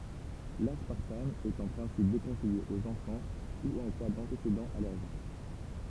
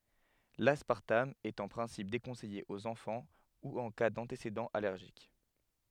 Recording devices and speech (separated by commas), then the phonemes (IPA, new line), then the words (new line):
temple vibration pickup, headset microphone, read sentence
laspaʁtam ɛt ɑ̃ pʁɛ̃sip dekɔ̃sɛje oz ɑ̃fɑ̃ u ɑ̃ ka dɑ̃tesedɑ̃z alɛʁʒik
L'aspartame est en principe déconseillé aux enfants ou en cas d'antécédents allergiques.